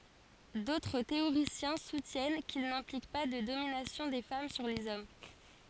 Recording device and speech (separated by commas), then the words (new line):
forehead accelerometer, read sentence
D'autres théoriciens soutiennent qu'il n'implique pas de domination des femmes sur les hommes.